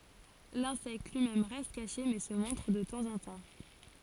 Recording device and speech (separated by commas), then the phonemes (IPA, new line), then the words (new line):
forehead accelerometer, read sentence
lɛ̃sɛkt lyi mɛm ʁɛst kaʃe mɛ sə mɔ̃tʁ də tɑ̃zɑ̃tɑ̃
L'insecte lui-même reste caché, mais se montre de temps en temps.